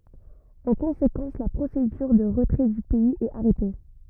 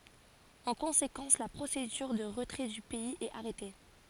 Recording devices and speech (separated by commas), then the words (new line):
rigid in-ear microphone, forehead accelerometer, read sentence
En conséquence, la procédure de retrait du pays est arrêtée.